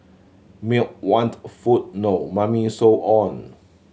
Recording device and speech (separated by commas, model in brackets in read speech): mobile phone (Samsung C7100), read sentence